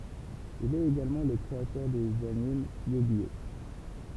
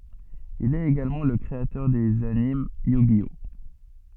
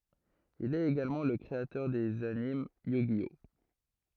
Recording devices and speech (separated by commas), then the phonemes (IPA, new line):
temple vibration pickup, soft in-ear microphone, throat microphone, read sentence
il ɛt eɡalmɑ̃ lə kʁeatœʁ dez anim jy ʒi ɔ